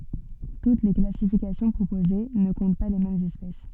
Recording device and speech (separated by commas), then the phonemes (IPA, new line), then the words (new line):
soft in-ear microphone, read sentence
tut le klasifikasjɔ̃ pʁopoze nə kɔ̃t pa le mɛmz ɛspɛs
Toutes les classifications proposées ne comptent pas les mêmes espèces.